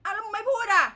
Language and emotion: Thai, angry